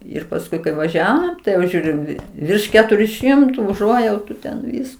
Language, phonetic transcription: Lithuanian, ir pasˈkui kai vaˈžiavom tai jau ˈžiūrim virš ˈketuriu ˈšimtu uˈžuojautu ten ˈvis

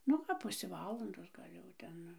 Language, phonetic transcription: Lithuanian, ˈnu ap ˈpusė ˈvalandos ˈgal' jau ˈten

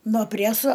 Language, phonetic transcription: Lithuanian, no ˈpræso

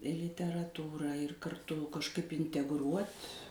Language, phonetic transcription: Lithuanian, literaˈtūrą ir karˈtu kažˈkaip integˈruot'

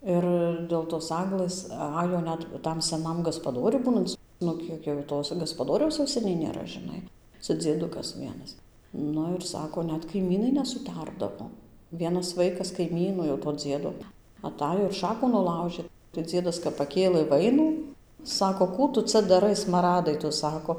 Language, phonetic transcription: Lithuanian, ˈir dėl tos ˈaglɘs ˈajo ˈnet ˈtam seˈnam gaspaˈdoriu ˈbūnanc nu ˈkiek jau ˈtos gaspaˈdoriaus jau seˈniai nėˈra žiˈnai ˈcia dzieˈdukas ˈvienas ˈnu ir ˈsako ˈnet kaiˈmynai nesuˈtardavo ˈvienas ˈvaikas kaiˈmyno jau to ˈdziedo aˈtajo ir ˈšakų nuˈlaužɘ tai ˈdziedas kap paˈkėlɘ ˈvainų ˈsako ˈkų tu ˈca daˈrai smaˈradai tu ˈsako

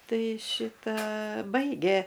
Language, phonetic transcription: Lithuanian, ˈtai ˈšita ˈbaigė

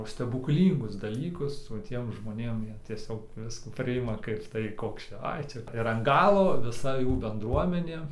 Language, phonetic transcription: Lithuanian, stebukˈlyngus daˈlykus o ˈtiem žmoˈnėm ˈjie tieˈsiog ˈviskų ˈpriima ˈkaip tai ˈkoks ˈčia ˈai ˈčia ir an ˈgalo viˈsa ˈjų benˈdruomenė

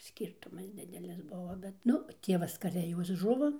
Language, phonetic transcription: Lithuanian, ˈskyrtumas ˈdidelis ˈbuvo bet ˈnu ˈtievas kaˈre ˈjos ˈžuvo

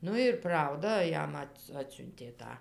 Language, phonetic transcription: Lithuanian, ˈnu ir ˈprauda ˈjam ˈat ˈatsiuntė ˈtą

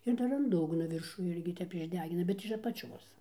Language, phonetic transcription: Lithuanian, ir ˈdar an ˈdugno ˈviršų ˈirgi ˈtep išˈdegina bet iš apaˈčios

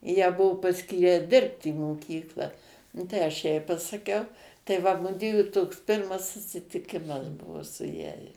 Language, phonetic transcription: Lithuanian, ją ˈbuo paˈskyrę ˈdirbt į moˈkyklą ˈnu tai ˈaš ˈjai pasaˈkiau tai ˈva ˈmudviejų toks ˈpirmas susitiˈkimas ˈbuvo su ˈjąja

